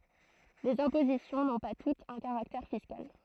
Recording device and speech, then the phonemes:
throat microphone, read sentence
lez ɛ̃pozisjɔ̃ nɔ̃ pa tutz œ̃ kaʁaktɛʁ fiskal

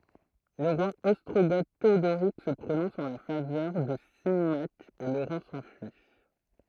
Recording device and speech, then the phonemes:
throat microphone, read sentence
lə ʁwa ɔstʁoɡo teodoʁik sə pʁonɔ̃s ɑ̃ la favœʁ də simak e loʁɑ̃ sɑ̃fyi

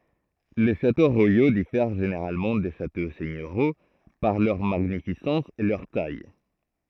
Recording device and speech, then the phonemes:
throat microphone, read sentence
le ʃato ʁwajo difɛʁ ʒeneʁalmɑ̃ de ʃato sɛɲøʁjo paʁ lœʁ maɲifisɑ̃s e lœʁ taj

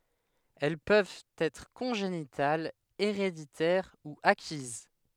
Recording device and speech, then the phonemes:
headset microphone, read sentence
ɛl pøvt ɛtʁ kɔ̃ʒenitalz eʁeditɛʁ u akiz

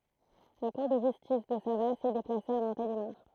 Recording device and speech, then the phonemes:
throat microphone, read sentence
la kuʁ də ʒystis də savas ɛ deplase a mɔ̃telimaʁ

